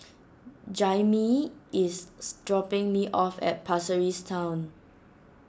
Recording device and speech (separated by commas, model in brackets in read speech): standing microphone (AKG C214), read sentence